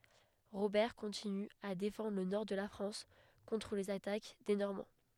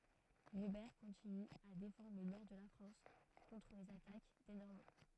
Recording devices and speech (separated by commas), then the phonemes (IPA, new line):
headset microphone, throat microphone, read sentence
ʁobɛʁ kɔ̃tiny a defɑ̃dʁ lə nɔʁ də la fʁɑ̃s kɔ̃tʁ lez atak de nɔʁmɑ̃